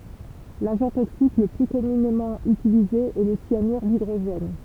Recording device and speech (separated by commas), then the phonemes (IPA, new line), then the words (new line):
temple vibration pickup, read sentence
laʒɑ̃ toksik lə ply kɔmynemɑ̃ ytilize ɛ lə sjanyʁ didʁoʒɛn
L'agent toxique le plus communément utilisé est le cyanure d'hydrogène.